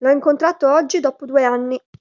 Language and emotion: Italian, neutral